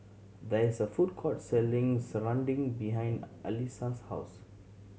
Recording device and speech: mobile phone (Samsung C7100), read sentence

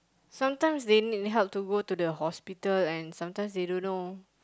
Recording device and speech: close-talking microphone, conversation in the same room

